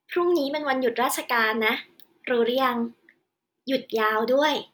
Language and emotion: Thai, happy